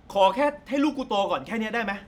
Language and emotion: Thai, angry